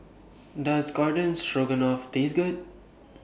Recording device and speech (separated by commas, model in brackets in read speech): boundary microphone (BM630), read sentence